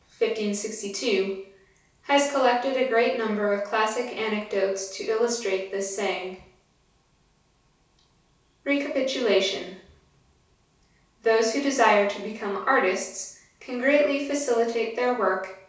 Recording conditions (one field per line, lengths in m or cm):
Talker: one person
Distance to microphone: 3.0 m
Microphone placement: far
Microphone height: 1.8 m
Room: small (3.7 m by 2.7 m)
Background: none